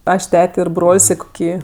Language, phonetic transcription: Lithuanian, ˈaš ˈtete ir ˈbrol's' i koˈkį

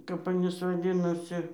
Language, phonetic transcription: Lithuanian, kap aˈnys vaˈdinosi

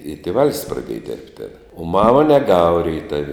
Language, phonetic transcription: Lithuanian, i tėˈval's' praˈdieja dirbt' tėn o ˈmama neˈgava reiˈtav'

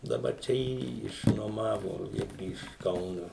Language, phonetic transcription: Lithuanian, daˈbar ˈčia ˈjįjį išnuoˈmavo ˈirgi iš ˈkauno

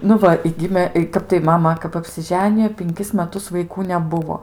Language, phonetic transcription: Lithuanian, nu ˈva i ˈgimė ˈkap tai ˈmama kap apsiˈženijo pinˈkis meˈtus vaiˈkų neˈbuvo

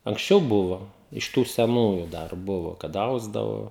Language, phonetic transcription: Lithuanian, anksˈčiau ˈbuvo iš ˈtų seˈnųju ˈdar ˈbuvo kad ˈausdavo

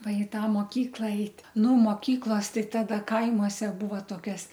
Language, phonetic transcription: Lithuanian, ˈva i ˈtą moˈkykla ˈeit' nu moˈkyklos ˈtai ˈtada ˈkaimuose ˈbūva toˈkias

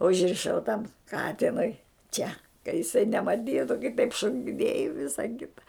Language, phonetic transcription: Lithuanian, užriˈšau tam ˈkatinui ˈčia ka jiˈsai nemaˈtytu kai taip šokiˈnėj i ˈvisa ˈkita

